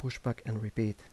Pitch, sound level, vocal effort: 115 Hz, 77 dB SPL, soft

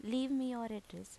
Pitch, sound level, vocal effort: 230 Hz, 83 dB SPL, normal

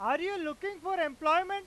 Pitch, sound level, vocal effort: 355 Hz, 103 dB SPL, very loud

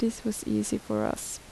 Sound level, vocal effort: 73 dB SPL, soft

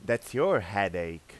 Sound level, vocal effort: 94 dB SPL, loud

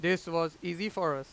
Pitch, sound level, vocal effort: 170 Hz, 96 dB SPL, very loud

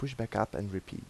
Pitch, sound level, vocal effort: 110 Hz, 81 dB SPL, soft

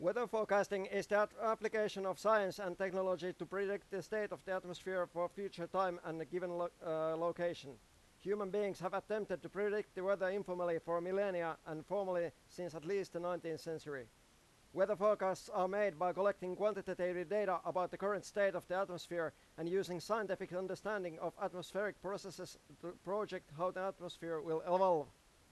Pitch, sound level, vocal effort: 185 Hz, 97 dB SPL, very loud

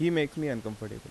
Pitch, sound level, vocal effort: 140 Hz, 85 dB SPL, normal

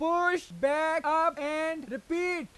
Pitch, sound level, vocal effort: 320 Hz, 101 dB SPL, very loud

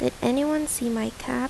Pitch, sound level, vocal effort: 250 Hz, 77 dB SPL, soft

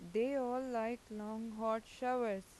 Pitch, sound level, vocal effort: 225 Hz, 88 dB SPL, normal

